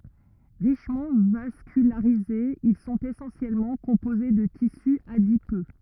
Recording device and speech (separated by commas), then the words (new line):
rigid in-ear microphone, read sentence
Richement vascularisés, ils sont essentiellement composés de tissu adipeux.